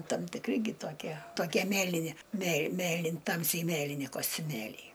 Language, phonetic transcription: Lithuanian, tam tikˈri gi toˈkie toˈkie ˈmėlini mėl ˈmėlin ˈtamsiai ˈmėlini kostiuˈmėliai

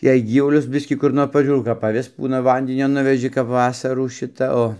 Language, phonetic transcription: Lithuanian, jei ˈgyvulius ˈbiskį kur ˈnor paˈžiūrau kap aˈvis ˈbūna ˈvandinio ˈnuveži kap ˈvasarų ˈšita ˈo

